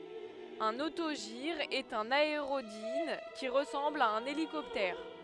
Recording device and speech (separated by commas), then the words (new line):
headset microphone, read sentence
Un autogire est un aérodyne qui ressemble à un hélicoptère.